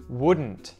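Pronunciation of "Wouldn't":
'Wouldn't' is said with the T pronounced, not muted.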